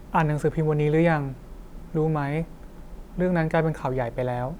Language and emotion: Thai, neutral